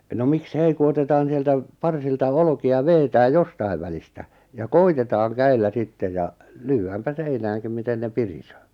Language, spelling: Finnish, no miksi ei kun otetaan sieltä parsilta olkia vedetään jostakin välistä ja koetetaan käsillä sitten ja lyödäänpä seinäänkin miten ne pirisee
- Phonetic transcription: no 'mik"s ‿ei ku 'otetaan̬ sieltä , 'parsilta 'olᵒki₍a 'veetääj̆ "jostai̬v välistä , ja "koitetaaŋ 'käillä 'sitteʲ ja , "lyy₍äämpä 'seinääŋkim miten ne 'pirisöö .

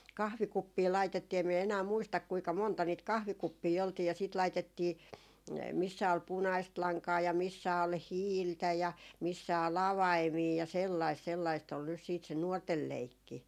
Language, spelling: Finnish, kahvikuppeja laitettiin en minä enää muista kuinka monta niitä kahvikuppeja oltiin ja sitten laitettiin missä oli punaista lankaa ja missä oli hiiltä ja missä oli avaimia ja sellaista sellaista oli nyt sitten se nuorten leikki
- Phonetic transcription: "kahvikuppii 'laitettii em miɛ enää 'muistak kuika 'monta niit 'kahvikuppii oltii ja siit 'laitettii , missä ol "punaist 'laŋkaa ja missä ol "hiiltä ja missä ol "avaimii ja 'sellaist 'sellaist ol nys siit se "nuortel 'leikki .

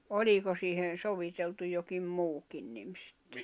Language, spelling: Finnish, oliko siihen soviteltu jokin muukin niin sitten
- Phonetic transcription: 'oĺiko siihen̬ 'soviteltu jokim "muukin nim sɪttᴇ .

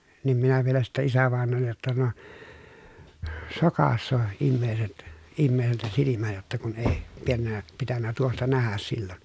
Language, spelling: Finnish, niin minä vielä sitten isävainajalle jotta no sokaisee ihmiset ihmiseltä silmät jotta kun ei - pitänyt tuosta nähdä silloin
- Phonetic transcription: niim minä vielä sittä isävàen̆noollej jotta » no , sokassoo , immeeset , immeeseltä silimä jotta kun èi , piennä , pitännä tuosta nähäs sillon » .

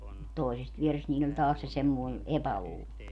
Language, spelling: Finnish, mutta toisesta vierestä niillä oli taas se semmoinen epäluulo
- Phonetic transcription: mut 'toisest 'vierest niiĺl ‿oĺ taas se semmoi̮ , 'epäluulo .

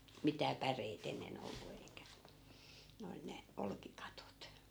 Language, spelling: Finnish, mitään päreitä ennen ollut eikä ne oli ne olkikatot
- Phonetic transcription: 'mitää "päreit ‿enne'n ‿ollu eikä , ne ol 'ne , 'olki'katot .

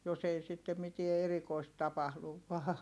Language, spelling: Finnish, jos ei sitten mitään erikoista tapahdu vain
- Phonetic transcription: jos ‿ei sitte mitie erikoist tapahluv vaa .

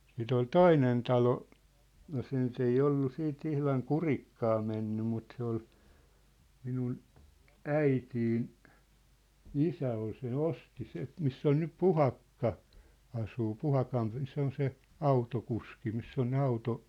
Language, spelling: Finnish, sitten oli toinen talo ja se nyt ei ollut sitten ihan kurikkaan mennyt mutta se oli minun äitini isä oli sen osti se missä on nyt Puhakka asuu Puhakan se on se autokuski missä on ne -
- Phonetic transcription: sìt ‿ol "toinen 'talo , ja se nyt ‿ei 'ollu 'sii't ‿ihlaŋ "kurikkaa menny mut 'se ‿ol , 'minun , 'äitiin , "isä ol se"n ‿osti 'se , 'miss ‿on nyp "Puhakka , asuu "Puhakan , 'se ‿on 'se , "autokuski 'miss ‿on ne 'auto- ,.

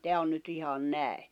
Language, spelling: Finnish, tämä on nyt ihan näin
- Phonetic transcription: 'teä on nyt ihan 'nä̀i̬ .

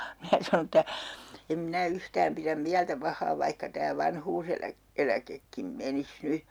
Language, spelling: Finnish, minä sanoin että en minä yhtään pidä mieltä pahaa vaikka tämä - vanhuuseläkekin menisi nyt
- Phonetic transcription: 'minä sanon ‿ᵉttä , » em 'minä 'yhtääm piräm 'miältä 'pah̆haa vaihka tää 'vanhuuselä- , '-eläkekkim 'menis "ny .

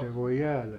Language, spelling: Finnish, se voi jäädä
- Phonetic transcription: se voi "jäälä .

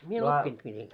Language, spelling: Finnish, minä oppinut miten
- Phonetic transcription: mie 'oppint mitenkᴀ̈ .

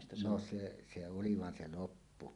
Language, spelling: Finnish, no se se oli vaan se loppu
- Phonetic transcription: no se , se "oli 'van 'se "loppu .

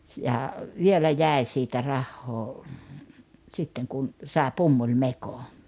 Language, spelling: Finnish, ja vielä jäi siitä rahaa sitten kun sai pumpulimekon
- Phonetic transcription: ja , 'vielä jä̀i̬ siitä 'rahhoo , 'sitteŋ kun , 'sàe "pummuĺmeko .

